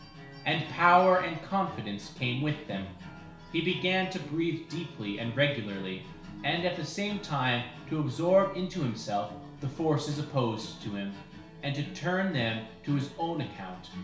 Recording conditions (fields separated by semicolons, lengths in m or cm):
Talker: one person; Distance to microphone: 1.0 m; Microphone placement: close; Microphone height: 1.1 m; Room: small (3.7 m by 2.7 m); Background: music